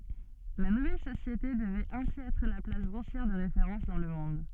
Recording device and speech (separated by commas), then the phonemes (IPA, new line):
soft in-ear microphone, read sentence
la nuvɛl sosjete dəvɛt ɛ̃si ɛtʁ la plas buʁsjɛʁ də ʁefeʁɑ̃s dɑ̃ lə mɔ̃d